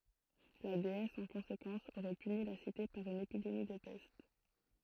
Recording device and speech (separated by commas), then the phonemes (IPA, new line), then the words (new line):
throat microphone, read sentence
la deɛs ɑ̃ kɔ̃sekɑ̃s oʁɛ pyni la site paʁ yn epidemi də pɛst
La déesse, en conséquence, aurait puni la Cité par une épidémie de peste.